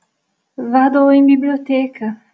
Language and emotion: Italian, fearful